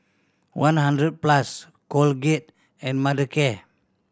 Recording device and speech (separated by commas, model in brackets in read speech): standing microphone (AKG C214), read sentence